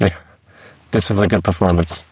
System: VC, spectral filtering